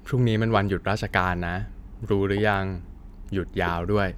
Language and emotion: Thai, neutral